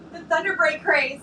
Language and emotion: English, happy